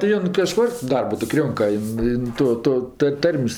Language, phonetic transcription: Lithuanian, ti ˈjon kaˈžkur ˈdarbu tik ˈrionka ˈjin ˈjin ˈto ˈto tɜ ˈtarm's'

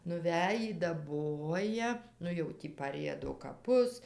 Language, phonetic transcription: Lithuanian, nuˈvejį daˈboja ˈnu jau ˈtį paˈriedo kaˈpus

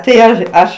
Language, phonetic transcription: Lithuanian, tai ˈaš ˈaš

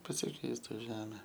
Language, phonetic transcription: Lithuanian, pasiˈkeistu ˈžeme

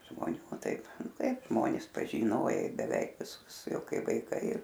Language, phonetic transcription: Lithuanian, žmoˈnių ˈtaip ˈtaipˈžmonis pažyˈnojai beˈveik viˈsus ˈjau ˈkai vaiˈkai

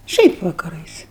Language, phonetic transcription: Lithuanian, ˈšiaip vakaˈrais

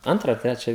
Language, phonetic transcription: Lithuanian, ˈantrą a ˈtrečią

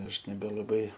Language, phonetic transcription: Lithuanian, ˈaš nebelaˈbai

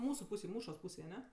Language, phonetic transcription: Lithuanian, ˈmūsu ˈpūsėj ˈmūšos ˈpūsėj aˈne

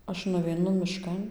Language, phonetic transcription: Lithuanian, ˈaš nuveiˈnu miˈškan

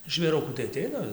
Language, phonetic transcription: Lithuanian, žvėˈrukų tai aˈteina

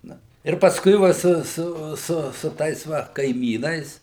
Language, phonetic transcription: Lithuanian, ˈna ir pasˈkui ˈva ˈsuˈsu su su ˈtais ˈva kaiˈmynais

